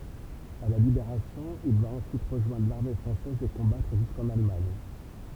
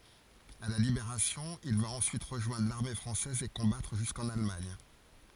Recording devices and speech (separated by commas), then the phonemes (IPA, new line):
temple vibration pickup, forehead accelerometer, read sentence
a la libeʁasjɔ̃ il va ɑ̃syit ʁəʒwɛ̃dʁ laʁme fʁɑ̃sɛz e kɔ̃batʁ ʒyskɑ̃n almaɲ